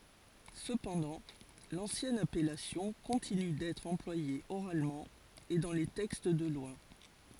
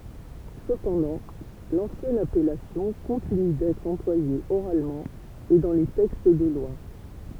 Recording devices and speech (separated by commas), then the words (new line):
forehead accelerometer, temple vibration pickup, read sentence
Cependant, l'ancienne appellation continue d'être employée oralement et dans les textes de loi.